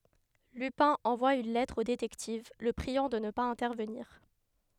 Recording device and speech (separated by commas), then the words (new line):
headset microphone, read sentence
Lupin envoie une lettre au détective, le priant de ne pas intervenir.